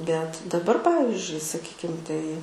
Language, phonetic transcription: Lithuanian, bet daˈbar ˈpavizdžiui saˈkykim ˈtai

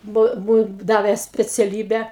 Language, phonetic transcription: Lithuanian, ˈbu ˈbu ˈdavė speciaˈlybę

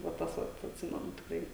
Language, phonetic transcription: Lithuanian, va ˈtas vat atˈsimenu tikˈrai

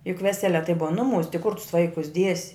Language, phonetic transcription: Lithuanian, juk ˈvesele tai ˈbuva ˈnuˌmūs ti kur tus ˈvaikus ˈdiesi

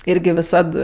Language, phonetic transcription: Lithuanian, ˈirgi viˈsad

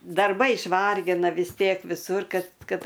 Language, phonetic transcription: Lithuanian, darˈbai išˈvargina vis ˈtiek viˈsur kad ˈkad

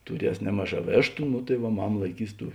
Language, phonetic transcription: Lithuanian, tuˈries ˈnemaˌžā ˈvėštu nu tai ˈva ˈmama laiˈkys ˈtų

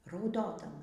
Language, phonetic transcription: Lithuanian, rauˈdodama

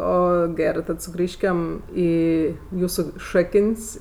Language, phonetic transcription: Lithuanian, ˈo ˈgerɜ tad suˈgrįžkem ˈį ˈjūsu ˈšakən's'

